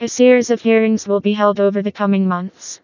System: TTS, vocoder